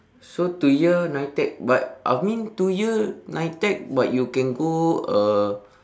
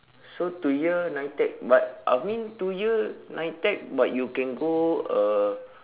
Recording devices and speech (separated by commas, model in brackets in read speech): standing microphone, telephone, conversation in separate rooms